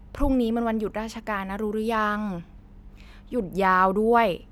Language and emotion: Thai, frustrated